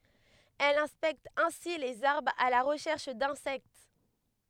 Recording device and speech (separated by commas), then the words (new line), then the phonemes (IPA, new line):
headset microphone, read sentence
Elle inspecte ainsi les arbres à la recherche d'insectes.
ɛl ɛ̃spɛkt ɛ̃si lez aʁbʁz a la ʁəʃɛʁʃ dɛ̃sɛkt